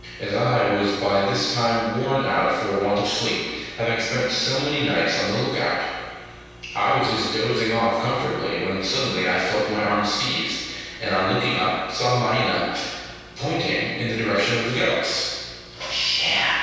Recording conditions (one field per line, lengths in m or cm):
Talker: one person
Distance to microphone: 7.1 m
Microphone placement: far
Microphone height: 1.7 m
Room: very reverberant, large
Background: none